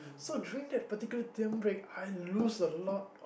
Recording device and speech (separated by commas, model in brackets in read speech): boundary microphone, conversation in the same room